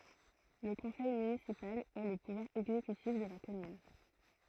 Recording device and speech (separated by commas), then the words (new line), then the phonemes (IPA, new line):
throat microphone, read sentence
Le conseil municipal est le pouvoir exécutif de la commune.
lə kɔ̃sɛj mynisipal ɛ lə puvwaʁ ɛɡzekytif də la kɔmyn